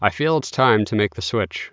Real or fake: real